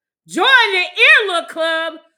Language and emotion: English, angry